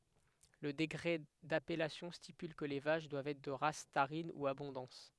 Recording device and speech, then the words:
headset microphone, read sentence
Le décret d'appellation stipule que les vaches doivent être de race tarine ou abondance.

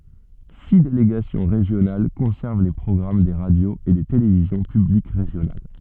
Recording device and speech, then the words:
soft in-ear microphone, read sentence
Six délégations régionales conservent les programmes des radios et des télévisions publiques régionales.

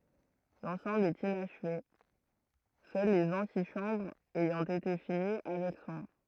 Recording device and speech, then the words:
throat microphone, read sentence
L'ensemble est inachevé, seules les antichambres ayant été finies avec soin.

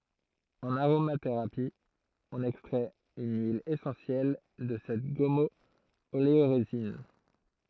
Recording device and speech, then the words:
throat microphone, read sentence
En aromathérapie, on extrait une huile essentielle de cette gommo-oléorésine.

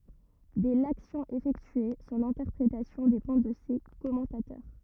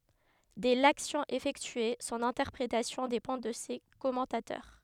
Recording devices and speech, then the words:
rigid in-ear microphone, headset microphone, read sentence
Dès l'action effectuée, son interprétation dépend de ses commentateurs.

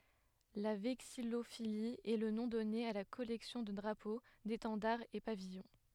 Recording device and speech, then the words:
headset microphone, read sentence
La vexillophilie est le nom donné à la collection de drapeaux, d'étendards et pavillons.

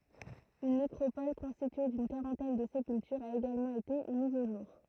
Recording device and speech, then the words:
throat microphone, read sentence
Une nécropole constituée d'une quarantaine de sépultures a également été mise au jour.

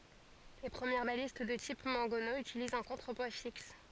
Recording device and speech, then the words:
forehead accelerometer, read sentence
Les premières balistes de type mangonneau utilisent un contrepoids fixe.

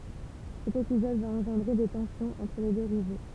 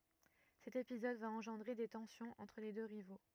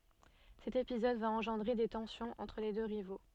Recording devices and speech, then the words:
temple vibration pickup, rigid in-ear microphone, soft in-ear microphone, read sentence
Cet épisode va engendrer des tensions entre les deux rivaux.

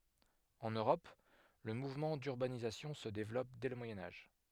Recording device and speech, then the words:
headset microphone, read sentence
En Europe, le mouvement d'urbanisation se développe dès le Moyen Âge.

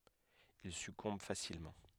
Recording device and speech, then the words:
headset microphone, read sentence
Il succombe facilement.

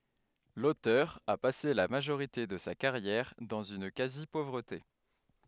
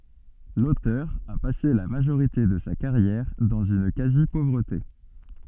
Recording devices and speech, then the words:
headset microphone, soft in-ear microphone, read sentence
L'auteur a passé la majorité de sa carrière dans une quasi-pauvreté.

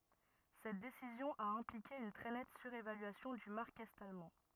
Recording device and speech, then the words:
rigid in-ear microphone, read sentence
Cette décision a impliqué une très nette surévaluation du mark est-allemand.

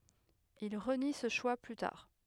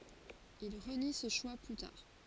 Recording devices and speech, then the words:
headset microphone, forehead accelerometer, read sentence
Il renie ce choix plus tard.

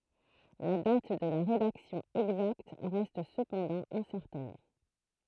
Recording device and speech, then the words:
throat microphone, read sentence
La date de la rédaction exacte reste cependant incertaine.

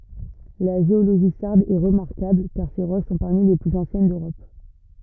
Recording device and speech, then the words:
rigid in-ear microphone, read sentence
La géologie sarde est remarquable car ses roches sont parmi les plus anciennes d'Europe.

